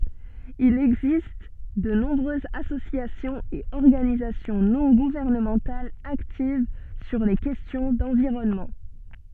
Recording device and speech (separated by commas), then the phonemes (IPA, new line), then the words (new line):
soft in-ear microphone, read sentence
il ɛɡzist də nɔ̃bʁøzz asosjasjɔ̃z e ɔʁɡanizasjɔ̃ nɔ̃ ɡuvɛʁnəmɑ̃talz aktiv syʁ le kɛstjɔ̃ dɑ̃viʁɔnmɑ̃
Il existe de nombreuses associations et organisations non gouvernementales actives sur les questions d'environnement.